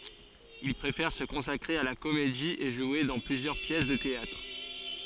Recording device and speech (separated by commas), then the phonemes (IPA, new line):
forehead accelerometer, read sentence
il pʁefɛʁ sə kɔ̃sakʁe a la komedi e ʒwe dɑ̃ plyzjœʁ pjɛs də teatʁ